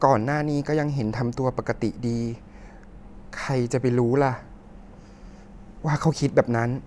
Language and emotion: Thai, sad